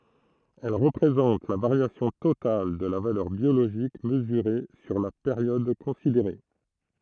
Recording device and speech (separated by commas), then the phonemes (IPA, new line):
throat microphone, read sentence
ɛl ʁəpʁezɑ̃t la vaʁjasjɔ̃ total də la valœʁ bjoloʒik məzyʁe syʁ la peʁjɔd kɔ̃sideʁe